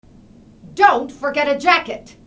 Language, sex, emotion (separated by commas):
English, female, angry